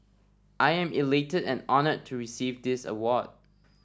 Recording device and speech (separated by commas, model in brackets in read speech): standing microphone (AKG C214), read sentence